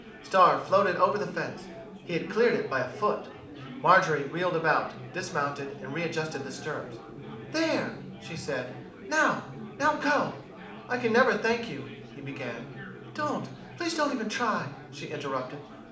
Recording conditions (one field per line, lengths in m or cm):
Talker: one person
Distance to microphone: 2.0 m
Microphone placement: close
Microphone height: 99 cm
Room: medium-sized (5.7 m by 4.0 m)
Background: babble